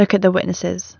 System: none